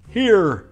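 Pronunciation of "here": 'Here' is said in an American accent, with the R pronounced.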